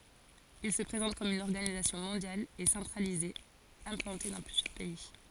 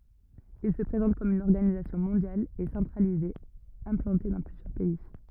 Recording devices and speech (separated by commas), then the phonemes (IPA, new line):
forehead accelerometer, rigid in-ear microphone, read sentence
il sə pʁezɑ̃t kɔm yn ɔʁɡanizasjɔ̃ mɔ̃djal e sɑ̃tʁalize ɛ̃plɑ̃te dɑ̃ plyzjœʁ pɛi